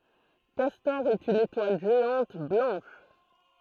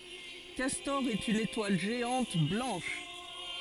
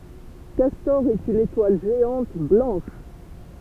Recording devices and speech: throat microphone, forehead accelerometer, temple vibration pickup, read sentence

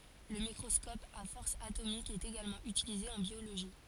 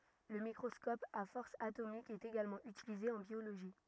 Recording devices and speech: forehead accelerometer, rigid in-ear microphone, read sentence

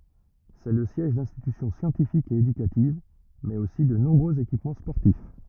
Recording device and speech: rigid in-ear microphone, read sentence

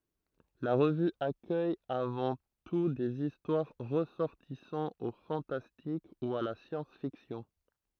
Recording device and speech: throat microphone, read sentence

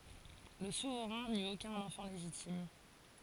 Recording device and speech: forehead accelerometer, read sentence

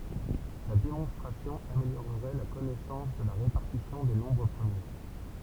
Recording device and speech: temple vibration pickup, read sentence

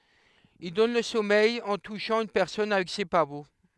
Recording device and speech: headset microphone, read sentence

